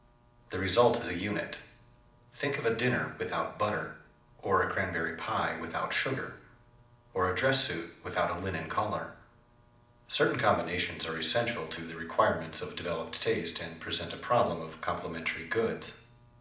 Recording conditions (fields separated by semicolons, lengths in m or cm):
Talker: one person; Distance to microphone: 2.0 m; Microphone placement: close; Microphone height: 99 cm; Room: medium-sized (5.7 m by 4.0 m); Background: none